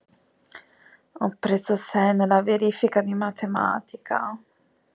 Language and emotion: Italian, sad